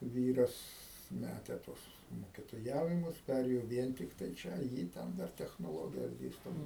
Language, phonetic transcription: Lithuanian, ˈvyras ˈmæte ˈtuos mokitoˈjavimus ˈpærėjo ˈvien tikˈtai ˈčia ˈjy ˈten ˈdar technoˈlogijas ˈdėsto

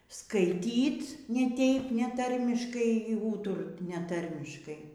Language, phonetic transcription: Lithuanian, skaiˈtyt ne ˈteip neˈtarmiškai ir ˈūturt neˈtarmiškai

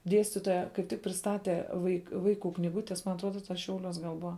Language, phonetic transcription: Lithuanian, ˈdiestitoja kaip ˈtik prisˈtate vaik ˈvaikų knyˈgutes man atˈruoda tas ˈšiauˌliuos gal ˈbua

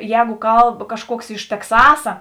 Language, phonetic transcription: Lithuanian, ˈjēgu ˈkalb kažˈkuoks iš tekˈsasa

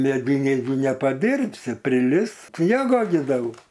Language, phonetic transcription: Lithuanian, meˈdyniai gi nepaˈdyrbsi priˈlis ˈsniego gi ˈdaug

